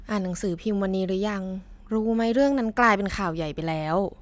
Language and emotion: Thai, neutral